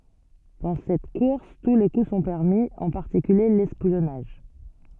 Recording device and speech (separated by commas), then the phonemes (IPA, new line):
soft in-ear microphone, read sentence
dɑ̃ sɛt kuʁs tu le ku sɔ̃ pɛʁmi ɑ̃ paʁtikylje lɛspjɔnaʒ